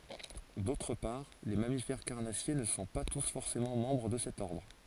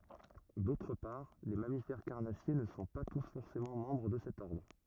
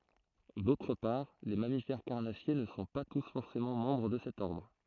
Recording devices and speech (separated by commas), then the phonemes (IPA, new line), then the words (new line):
forehead accelerometer, rigid in-ear microphone, throat microphone, read sentence
dotʁ paʁ le mamifɛʁ kaʁnasje nə sɔ̃ pa tus fɔʁsemɑ̃ mɑ̃bʁ də sɛt ɔʁdʁ
D'autre part, les mammifères carnassiers ne sont pas tous forcément membres de cet ordre.